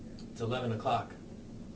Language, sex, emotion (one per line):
English
male
neutral